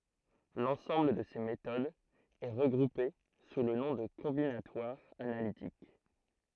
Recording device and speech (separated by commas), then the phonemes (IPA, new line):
throat microphone, read sentence
lɑ̃sɑ̃bl də se metodz ɛ ʁəɡʁupe su lə nɔ̃ də kɔ̃binatwaʁ analitik